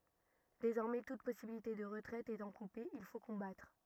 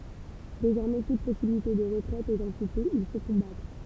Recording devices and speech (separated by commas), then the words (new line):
rigid in-ear microphone, temple vibration pickup, read sentence
Désormais toute possibilité de retraite étant coupée, il faut combattre.